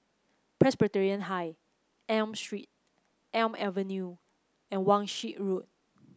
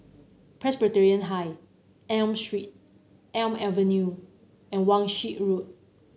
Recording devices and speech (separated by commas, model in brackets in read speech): close-talking microphone (WH30), mobile phone (Samsung C9), read sentence